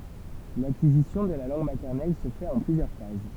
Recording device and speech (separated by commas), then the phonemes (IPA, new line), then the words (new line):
temple vibration pickup, read sentence
lakizisjɔ̃ də la lɑ̃ɡ matɛʁnɛl sə fɛt ɑ̃ plyzjœʁ faz
L'acquisition de la langue maternelle se fait en plusieurs phases.